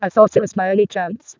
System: VC, vocoder